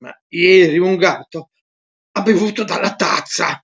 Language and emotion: Italian, disgusted